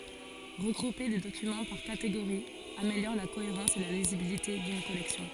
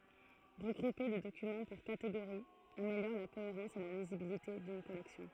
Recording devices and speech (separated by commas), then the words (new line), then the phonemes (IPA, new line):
forehead accelerometer, throat microphone, read sentence
Regrouper des documents par catégories améliore la cohérence et la lisibilité d'une collection.
ʁəɡʁupe de dokymɑ̃ paʁ kateɡoʁiz ameljɔʁ la koeʁɑ̃s e la lizibilite dyn kɔlɛksjɔ̃